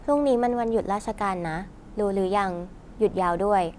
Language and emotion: Thai, neutral